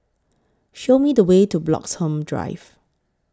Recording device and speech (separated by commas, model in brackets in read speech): close-talking microphone (WH20), read sentence